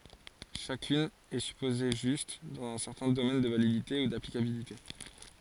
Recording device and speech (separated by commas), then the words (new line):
forehead accelerometer, read sentence
Chacune est supposée juste, dans un certain domaine de validité ou d'applicabilité.